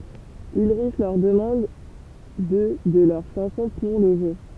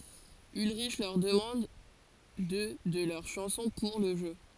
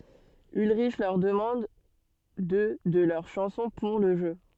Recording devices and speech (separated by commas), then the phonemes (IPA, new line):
temple vibration pickup, forehead accelerometer, soft in-ear microphone, read sentence
ylʁiʃ lœʁ dəmɑ̃d dø də lœʁ ʃɑ̃sɔ̃ puʁ lə ʒø